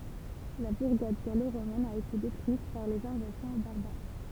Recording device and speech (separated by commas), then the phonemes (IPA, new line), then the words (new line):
temple vibration pickup, read sentence
la buʁɡad ɡaloʁomɛn a ete detʁyit paʁ lez ɛ̃vazjɔ̃ baʁbaʁ
La bourgade gallo-romaine a été détruite par les invasions barbares.